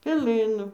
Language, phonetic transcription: Lithuanian, peˈlɨnu

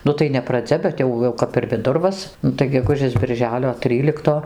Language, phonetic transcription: Lithuanian, ˈnu tai ne praˈdzia bet ˈjau jau kap ir viˈdurvas ˈnu tai geˈgužės birˈželio ˈtrylikto

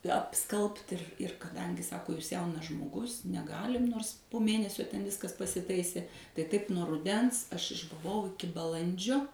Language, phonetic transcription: Lithuanian, apˈskalbt ir ir kaˈdangi ˈsako jūs ˈjaunas žmoˈgus neˈgalim ˈnors po ˈmėnesio ten ˈviskas pasiˈtaisė tai ˈtaip nuo ruˈdens ˈaš išbuˈvau iˈki baˈlandžio

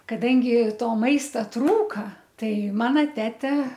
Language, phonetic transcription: Lithuanian, kaˈdangi ˈto ˈmaista ˈtrūka ˈtai ˈmana ˈtete

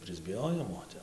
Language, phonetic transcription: Lithuanian, prisbiˈjojom o ˈtep

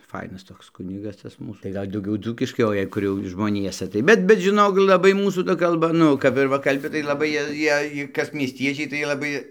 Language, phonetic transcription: Lithuanian, ˈfainas toks ˈkunigas ˈtas ˈmūs tai ˈgal' dauˈgiau ˈdzūkiškai o ˈjei jau ˈkur žmoˈniesa tai ˈbet bet žiˈnok laˈbai ˈmūsų ˈta kalˈba ˈnu kap ir ˈva kalˈbi tai laˈbai ˈjie ˈjiej ˈkas miesˈtiečiai tai laˈbai

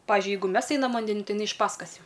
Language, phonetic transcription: Lithuanian, ˈpavižiui ˈjeigu ˈmes ˈeinam vanˈdenin ˈtai iˈnai iš ˈpaskas ˈjau

